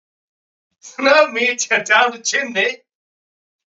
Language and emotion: English, surprised